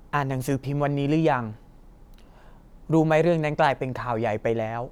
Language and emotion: Thai, neutral